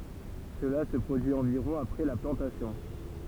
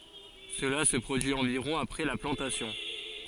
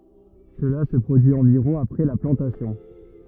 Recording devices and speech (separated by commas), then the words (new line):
temple vibration pickup, forehead accelerometer, rigid in-ear microphone, read sentence
Cela se produit environ après la plantation.